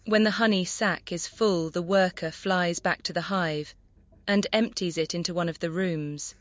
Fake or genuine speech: fake